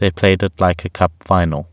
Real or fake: real